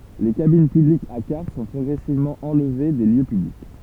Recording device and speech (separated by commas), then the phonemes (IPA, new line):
temple vibration pickup, read sentence
le kabin pyblikz a kaʁt sɔ̃ pʁɔɡʁɛsivmɑ̃ ɑ̃lve de ljø pyblik